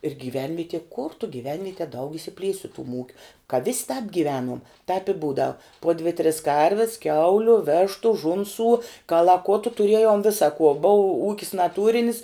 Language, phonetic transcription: Lithuanian, ir gyˈvenvieti kur tu gyˈvenvietie daug išsiˈplies' su tum ˈūkiu ka vis' tāp gyˈvenuom taip i ˈbūdau po dvi tris ˈkarvis ˈkiauliu ˈvėštu ˈžunsų kalaˈkutu tuˈriejom ˈvisa kuo bou ˈūkis naˈtūrinis

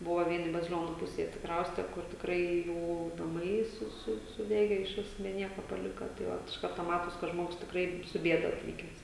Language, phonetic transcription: Lithuanian, ˈbuvo ˈvieni baziˈlionu ˈpusėj atsiˈkrauste kur tikˈrai ˈjų naˈmai ˈsu ˈsu suˈdege iš ˈvis be ˈnieko paˈlika tai ˈvat iš ˈkarto ˈmatos ka ˈžmogus tikˈrai su ˈbieda atˈvykes

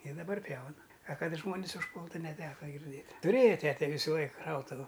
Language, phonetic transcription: Lithuanian, i daˈbar ˈpjauna a ˈkad ˈžmonis užˈpūltu neˈteka girˈdėt' tuˈrėja ˈtete ˈvysu ˈlaik ˈšautuvu

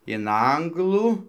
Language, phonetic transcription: Lithuanian, in ˈanglų

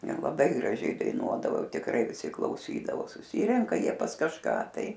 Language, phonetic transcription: Lithuanian, ˈjie laˈbai graˈžiai daiˈnuodavo ˈjau tikˈrai viˈsi klauˈsydavo suˈsyrenka ˈjie pas kažˈką ˈtai

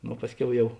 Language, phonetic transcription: Lithuanian, ˈno ˈpasˌkiau ˈjau

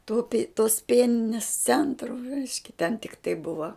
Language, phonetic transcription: Lithuanian, tu pi tos ˈpieninis ˈcentru ˈreiškia ten tikˈtai ˈbuva

